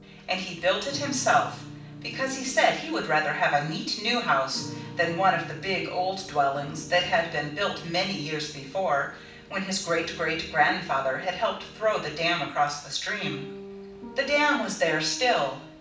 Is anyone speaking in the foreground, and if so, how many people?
One person.